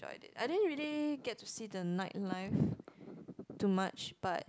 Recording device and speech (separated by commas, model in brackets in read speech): close-talking microphone, conversation in the same room